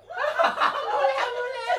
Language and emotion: Thai, happy